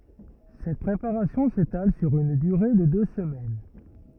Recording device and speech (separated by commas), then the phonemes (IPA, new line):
rigid in-ear microphone, read sentence
sɛt pʁepaʁasjɔ̃ setal syʁ yn dyʁe də dø səmɛn